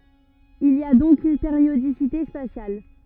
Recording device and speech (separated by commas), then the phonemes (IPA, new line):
rigid in-ear microphone, read sentence
il i a dɔ̃k yn peʁjodisite spasjal